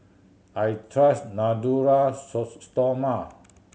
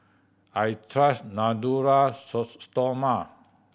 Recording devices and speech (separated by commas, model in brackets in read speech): mobile phone (Samsung C7100), boundary microphone (BM630), read sentence